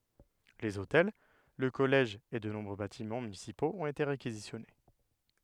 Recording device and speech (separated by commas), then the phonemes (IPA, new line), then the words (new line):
headset microphone, read sentence
lez otɛl lə kɔlɛʒ e də nɔ̃bʁø batimɑ̃ mynisipoz ɔ̃t ete ʁekizisjɔne
Les hôtels, le collège et de nombreux bâtiments municipaux ont été réquisitionnés.